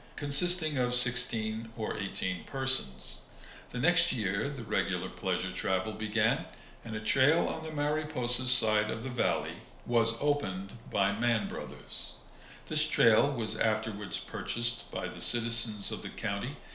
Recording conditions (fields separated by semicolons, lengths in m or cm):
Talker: one person; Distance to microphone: 1.0 m; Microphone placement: close; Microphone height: 1.1 m; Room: small (3.7 m by 2.7 m); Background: none